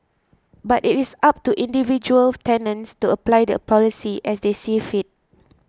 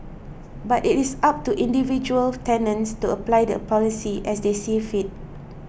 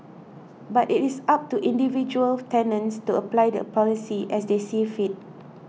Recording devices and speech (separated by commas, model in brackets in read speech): close-talking microphone (WH20), boundary microphone (BM630), mobile phone (iPhone 6), read sentence